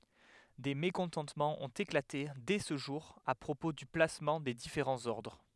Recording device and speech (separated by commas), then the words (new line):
headset microphone, read sentence
Des mécontentements ont éclaté dès ce jour à propos du placement des différents ordres.